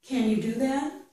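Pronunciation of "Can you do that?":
In 'Can you do that?', the word 'can' is said with the full a vowel sound, not a reduced vowel.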